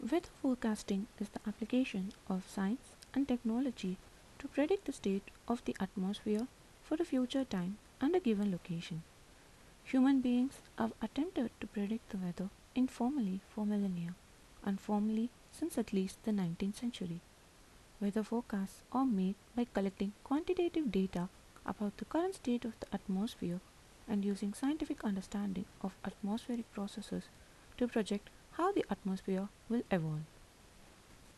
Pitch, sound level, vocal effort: 215 Hz, 76 dB SPL, soft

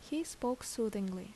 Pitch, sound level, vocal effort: 230 Hz, 76 dB SPL, normal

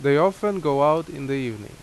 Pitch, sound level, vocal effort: 145 Hz, 88 dB SPL, loud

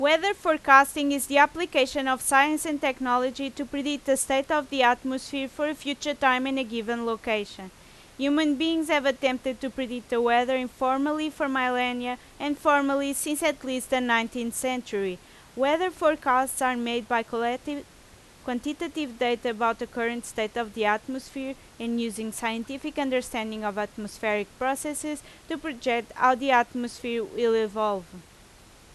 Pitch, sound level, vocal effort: 260 Hz, 90 dB SPL, very loud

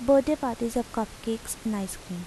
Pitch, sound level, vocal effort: 230 Hz, 80 dB SPL, soft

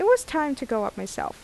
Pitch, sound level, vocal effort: 300 Hz, 84 dB SPL, normal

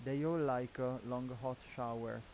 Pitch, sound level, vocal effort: 125 Hz, 88 dB SPL, normal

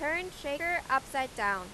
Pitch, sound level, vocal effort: 285 Hz, 96 dB SPL, very loud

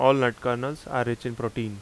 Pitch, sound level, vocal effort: 125 Hz, 86 dB SPL, loud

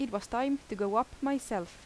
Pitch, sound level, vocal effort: 235 Hz, 84 dB SPL, normal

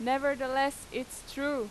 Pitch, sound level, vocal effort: 270 Hz, 92 dB SPL, very loud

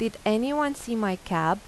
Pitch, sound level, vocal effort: 215 Hz, 85 dB SPL, normal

